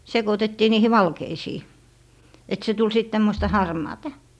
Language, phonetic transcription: Finnish, 'sekotettii 'niihi "valkeisii , et 'se tul sit 'tämmosta "harmaatA .
- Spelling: sekoitettiin niihin valkeisiin että se tuli sitten tämmöistä harmaata

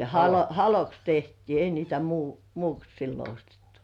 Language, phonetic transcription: Finnish, halo- haloks tehtii ei niitä mù- muuks sillo ostettᴜ .
- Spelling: - haloksi tehtiin ei niitä - muuksi silloin ostettu

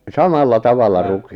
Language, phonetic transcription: Finnish, 'samalla 'tavalla 'ruki- ...
- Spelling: samalla tavalla -

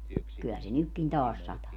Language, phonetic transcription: Finnish, ky₍ä se 'nykkin "taas 'sataa .
- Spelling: kyllä se nytkin taas sataa

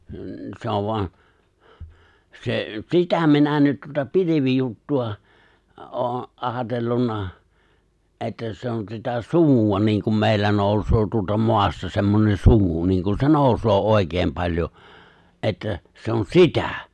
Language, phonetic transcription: Finnish, n̬ , 'se ov 'voa , 'se , "sitä 'minä nyt tuota 'pili̬vijuttu₍a , '’oon̬ , '’aatellunna , '’että se on sitä "sumuᵛa 'niŋ kum 'mèillä 'nòusoo 'tuolta "moasta semmonen "sumu 'niiŋ kun se "nòusoo 'òi̬keem 'paĺjo , '’että , 'se on "sitä .
- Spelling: no se on vain se sitä minä nyt tuota pilvijuttua olen ajatellut että se on sitä sumua niin kun meillä nousee tuolta maasta semmoinen sumu niin kun se nousee oikein paljon että se on sitä

